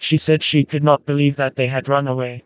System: TTS, vocoder